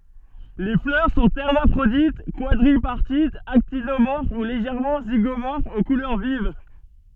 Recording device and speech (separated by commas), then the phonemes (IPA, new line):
soft in-ear microphone, read sentence
le flœʁ sɔ̃ ɛʁmafʁodit kwadʁipaʁtitz aktinomɔʁf u leʒɛʁmɑ̃ ziɡomɔʁfz o kulœʁ viv